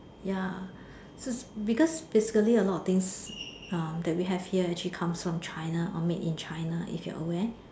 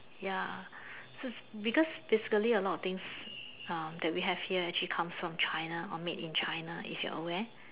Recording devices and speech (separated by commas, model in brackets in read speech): standing microphone, telephone, conversation in separate rooms